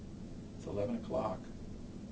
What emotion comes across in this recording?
neutral